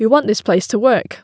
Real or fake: real